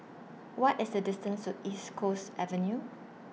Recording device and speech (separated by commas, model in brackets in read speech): mobile phone (iPhone 6), read sentence